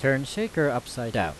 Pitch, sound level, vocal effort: 135 Hz, 90 dB SPL, loud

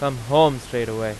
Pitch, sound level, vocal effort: 125 Hz, 94 dB SPL, very loud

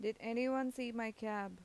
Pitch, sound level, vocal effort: 225 Hz, 86 dB SPL, normal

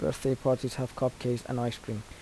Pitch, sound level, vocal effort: 125 Hz, 77 dB SPL, soft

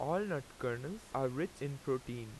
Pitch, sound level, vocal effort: 140 Hz, 88 dB SPL, loud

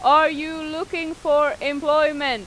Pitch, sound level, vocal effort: 305 Hz, 96 dB SPL, very loud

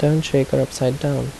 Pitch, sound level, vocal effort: 140 Hz, 75 dB SPL, soft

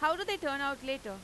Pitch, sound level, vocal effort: 280 Hz, 97 dB SPL, loud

